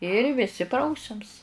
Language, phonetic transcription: Lithuanian, ir viˈsi ˈprausiams

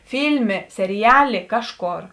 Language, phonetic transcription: Lithuanian, ˈfylmė seriˈjaˌlė ˈkažˌkor

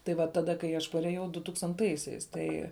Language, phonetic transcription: Lithuanian, tai ˈva ˈtaˌda kai aš pareˈjau dutūkstanˈtaisiais ˈtai

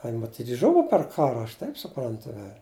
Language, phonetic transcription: Lithuanian, a in maˈtyt' ˈžuva per ˈkara aš ˈtaip suˈprantu vel'

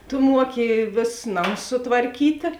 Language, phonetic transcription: Lithuanian, tu ˈmuoki ˈvėsus ˈnamus sutvarˈkytė

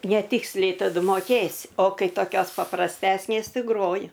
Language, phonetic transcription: Lithuanian, neˈtiksliai taˈdu moˈkėsi o ˈkai toˈkios paprasˈtesnės ˈtai ˈgroju

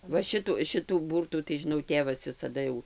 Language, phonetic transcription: Lithuanian, ˈva ˈšitu ˈšitų ˈbūrtų tai žiˈnau ˈtėvas visaˈda jau

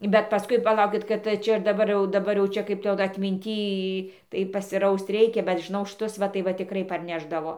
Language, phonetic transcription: Lithuanian, bet paˈskui paˈlaukit kad ˈčia ir daˈbar jau daˈbar jau ˈčia ˈkaip tai ˈjau da atminˈty tai pasiˈraust ˈreikia bet žiˈnau šˈtus ˈva tai ˈva tiˈkrai parˈnešdavo

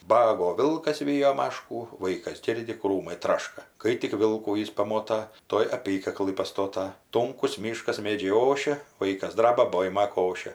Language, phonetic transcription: Lithuanian, ˈbago ˈvilkas ˈvyjo ˈmaškų ˈvaikas ˈgirdi ˈkrūmai ˈtraška ˈkai tik ˈvilkų ˈjis paˈmota ˈtuoj aˈpykaklɨ paˈstota ˈtunkus ˈmyškas ˈmėdžiai ˈošia ˈvaikas ˈdraba ˈboima ˈkošia

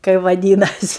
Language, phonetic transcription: Lithuanian, kai vaˈdynasi

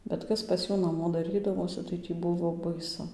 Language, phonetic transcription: Lithuanian, bet ˈkas pas ˈjų naˈmo daˈrydavosi tai tį ˈbuvo baiˈsu

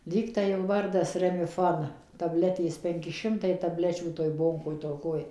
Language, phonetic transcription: Lithuanian, ˈlygtai jų ˈvardas remiˈfon taˈbletės ˈpenki ˈšimtai taˈblečių toj ˈbonkoj toˈkoj

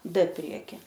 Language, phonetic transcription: Lithuanian, d ˈprieki

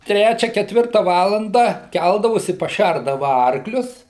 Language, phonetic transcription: Lithuanian, ˈtrečia keˈtvirta ˈvalandą ˈkældavosi paˈšærdava ˈarklius

